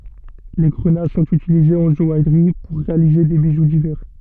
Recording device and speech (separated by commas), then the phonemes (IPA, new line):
soft in-ear microphone, read sentence
le ɡʁəna sɔ̃t ytilizez ɑ̃ ʒɔajʁi puʁ ʁealize de biʒu divɛʁ